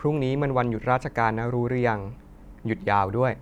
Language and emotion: Thai, neutral